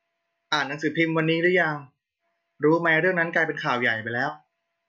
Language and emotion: Thai, neutral